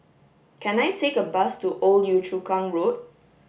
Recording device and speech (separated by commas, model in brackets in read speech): boundary microphone (BM630), read sentence